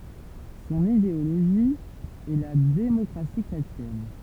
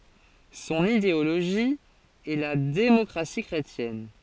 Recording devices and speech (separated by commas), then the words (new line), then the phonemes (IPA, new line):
temple vibration pickup, forehead accelerometer, read sentence
Son idéologie est la démocratie chrétienne.
sɔ̃n ideoloʒi ɛ la demɔkʁasi kʁetjɛn